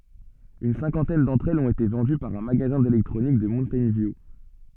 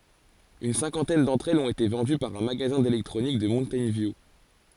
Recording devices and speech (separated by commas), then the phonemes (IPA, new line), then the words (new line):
soft in-ear microphone, forehead accelerometer, read sentence
yn sɛ̃kɑ̃tɛn dɑ̃tʁ ɛlz ɔ̃t ete vɑ̃dy paʁ œ̃ maɡazɛ̃ delɛktʁonik də muntɛjn vju
Une cinquantaine d'entre elles ont été vendues par un magasin d'électronique de Mountain View.